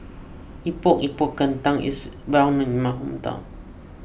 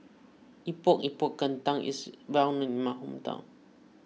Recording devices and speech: boundary microphone (BM630), mobile phone (iPhone 6), read sentence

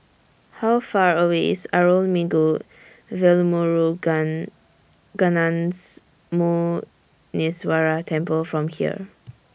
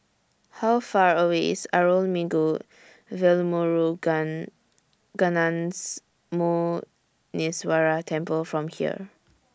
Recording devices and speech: boundary microphone (BM630), standing microphone (AKG C214), read sentence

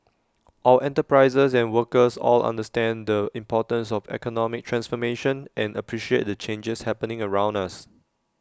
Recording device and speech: standing microphone (AKG C214), read sentence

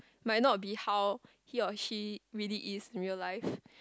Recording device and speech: close-talking microphone, conversation in the same room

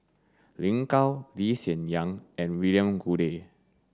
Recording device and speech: standing microphone (AKG C214), read sentence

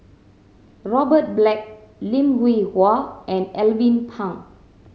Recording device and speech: mobile phone (Samsung C7100), read sentence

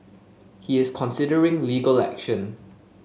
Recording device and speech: mobile phone (Samsung S8), read sentence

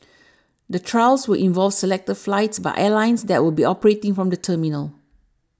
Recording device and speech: standing microphone (AKG C214), read sentence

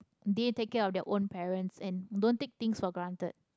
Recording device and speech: close-talking microphone, conversation in the same room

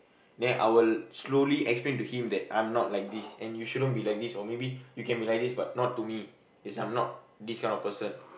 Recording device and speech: boundary microphone, conversation in the same room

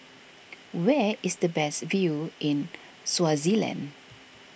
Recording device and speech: boundary microphone (BM630), read sentence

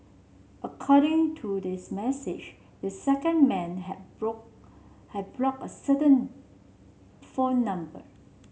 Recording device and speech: mobile phone (Samsung C7), read sentence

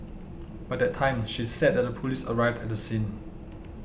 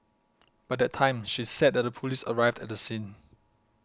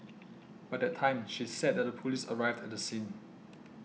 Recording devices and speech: boundary microphone (BM630), close-talking microphone (WH20), mobile phone (iPhone 6), read sentence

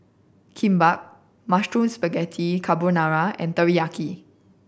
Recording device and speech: boundary microphone (BM630), read sentence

